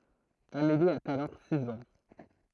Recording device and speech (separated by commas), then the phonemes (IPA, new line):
throat microphone, read sentence
ameli a alɔʁ siz ɑ̃